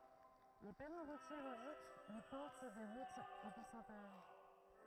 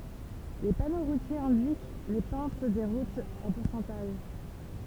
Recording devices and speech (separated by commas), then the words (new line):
throat microphone, temple vibration pickup, read sentence
Les panneaux routiers indiquent les pentes des routes en pourcentage.